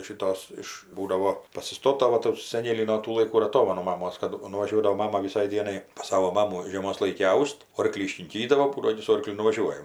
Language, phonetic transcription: Lithuanian, šiˈtos ˈiš ˈbūdavo pasiˈstota ˈva tų saˈnėlį no ˈtų laiˈkų ir aˈtomanu maˈmos kad nuvaˈžiuodavo ˈmama viˈsai ˈdienai pas ˈsavo ˈmamų žieˈmos ˈlaiki ˈaus't' ˈorklį iškinˈkydavo ˈbūdo ˈaini su ˈorkliu nuvaˈžiuojam

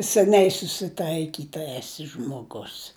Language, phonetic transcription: Lithuanian, seˈniai susiˈtaikyta eˈsi žmoˈgus

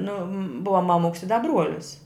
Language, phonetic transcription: Lithuanian, ˈnu ˈbuva maˈmuks i da ˈbruolis

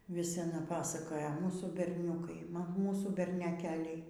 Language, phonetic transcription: Lithuanian, vis aˈna ˈpasakoja ˈmūsų berˈniūkai ˈmūsų berneˈkeliai

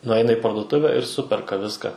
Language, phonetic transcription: Lithuanian, nuˈaina i parduˈtuvę ir ˈsuperka ˈviska

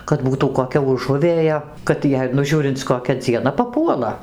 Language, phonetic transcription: Lithuanian, kad ˈbūtų koˈkia uˈžuvėja kad ˈjei nu ˈžiūrinc koˈkia dzieˈna paˈpuola

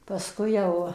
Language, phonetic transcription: Lithuanian, pasˈkui jau

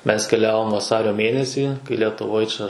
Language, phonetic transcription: Lithuanian, mes keˈliavom vaˈsario ˈmėnesį kai letuˈvoj čia

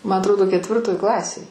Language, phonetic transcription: Lithuanian, ma atˈrodo ketˈvirtoj ˈklasėj

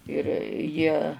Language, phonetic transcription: Lithuanian, ir ˈjie

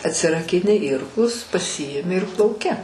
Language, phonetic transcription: Lithuanian, atsirakiˈni ˈirklus paˈsiimi ir plauˈki

